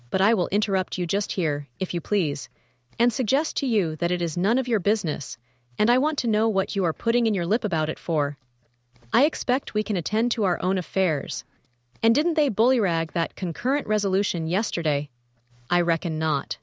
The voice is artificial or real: artificial